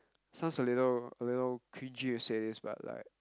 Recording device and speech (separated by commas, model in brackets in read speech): close-talking microphone, conversation in the same room